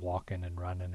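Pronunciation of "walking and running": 'Walking' and 'running' are said with the alveolar pronunciation of the ending: a final n sound, with the g dropped.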